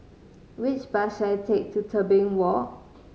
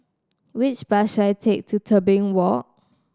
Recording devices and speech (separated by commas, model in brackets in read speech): mobile phone (Samsung C5010), standing microphone (AKG C214), read sentence